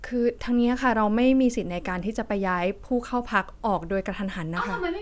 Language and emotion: Thai, neutral